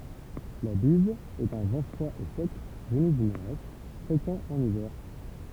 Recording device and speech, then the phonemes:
temple vibration pickup, read sentence
la biz ɛt œ̃ vɑ̃ fʁwa e sɛk vəny dy noʁɛst fʁekɑ̃ ɑ̃n ivɛʁ

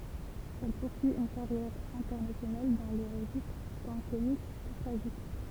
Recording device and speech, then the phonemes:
temple vibration pickup, read sentence
ɛl puʁsyi yn kaʁjɛʁ ɛ̃tɛʁnasjonal dɑ̃ le ʁəʒistʁ tɑ̃ komik kə tʁaʒik

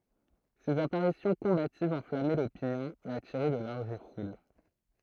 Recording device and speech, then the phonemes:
throat microphone, read sentence
sez apaʁisjɔ̃ kɔ̃bativz ɑ̃flamɛ lopinjɔ̃ e atiʁɛ də laʁʒ ful

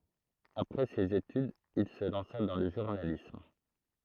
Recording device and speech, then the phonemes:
throat microphone, read sentence
apʁɛ sez etydz il sə lɑ̃sa dɑ̃ lə ʒuʁnalism

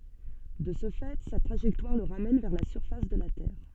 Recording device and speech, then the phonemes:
soft in-ear microphone, read sentence
də sə fɛ sa tʁaʒɛktwaʁ lə ʁamɛn vɛʁ la syʁfas də la tɛʁ

